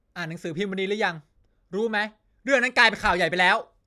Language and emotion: Thai, angry